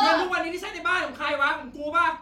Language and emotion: Thai, angry